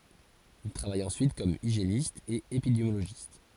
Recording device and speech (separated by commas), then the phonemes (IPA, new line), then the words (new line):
forehead accelerometer, read sentence
il tʁavaj ɑ̃syit kɔm iʒjenist e epidemjoloʒist
Il travaille ensuite comme hygiéniste et épidémiologiste.